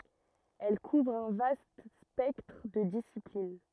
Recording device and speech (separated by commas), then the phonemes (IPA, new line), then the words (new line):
rigid in-ear microphone, read sentence
ɛl kuvʁ œ̃ vast spɛktʁ də disiplin
Elle couvre un vaste spectre de disciplines.